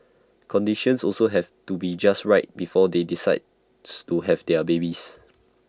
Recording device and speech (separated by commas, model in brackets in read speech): standing microphone (AKG C214), read sentence